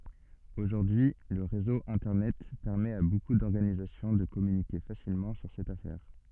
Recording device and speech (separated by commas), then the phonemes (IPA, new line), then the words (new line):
soft in-ear microphone, read sentence
oʒuʁdyi lə ʁezo ɛ̃tɛʁnɛt pɛʁmɛt a boku dɔʁɡanizasjɔ̃ də kɔmynike fasilmɑ̃ syʁ sɛt afɛʁ
Aujourd'hui, le réseau internet permet à beaucoup d'organisations de communiquer facilement sur cette affaire.